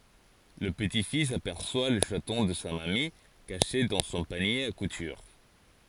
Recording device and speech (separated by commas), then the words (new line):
forehead accelerometer, read sentence
Le petit-fils aperçoit le chaton de sa mamie, caché dans son panier à couture.